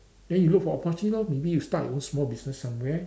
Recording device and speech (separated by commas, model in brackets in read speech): standing microphone, conversation in separate rooms